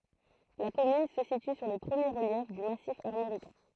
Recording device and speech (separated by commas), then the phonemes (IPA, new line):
throat microphone, read sentence
la kɔmyn sə sity syʁ le pʁəmje ʁəljɛf dy masif aʁmoʁikɛ̃